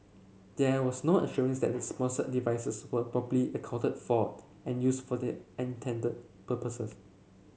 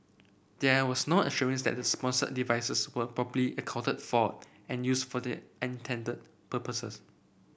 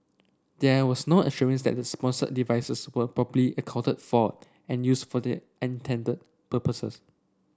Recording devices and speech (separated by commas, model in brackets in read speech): mobile phone (Samsung C7), boundary microphone (BM630), standing microphone (AKG C214), read sentence